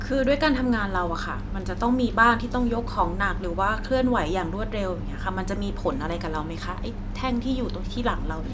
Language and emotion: Thai, neutral